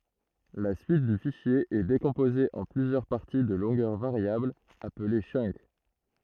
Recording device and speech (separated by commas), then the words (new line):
throat microphone, read sentence
La suite du fichier est décomposée en plusieurs parties de longueurs variables, appelées chunk.